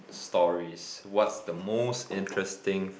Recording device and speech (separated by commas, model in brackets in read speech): boundary microphone, conversation in the same room